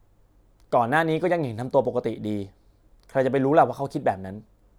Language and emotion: Thai, frustrated